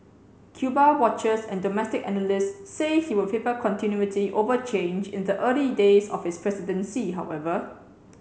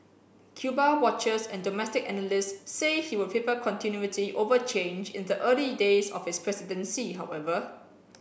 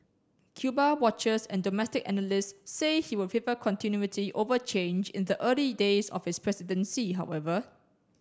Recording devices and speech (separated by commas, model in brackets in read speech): mobile phone (Samsung C7), boundary microphone (BM630), standing microphone (AKG C214), read sentence